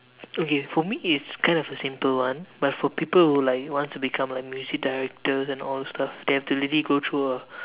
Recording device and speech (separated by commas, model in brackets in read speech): telephone, conversation in separate rooms